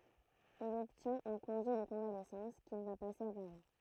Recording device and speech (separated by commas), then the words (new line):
throat microphone, read sentence
Il obtient un congé de convalescence qu'il va passer à Paris.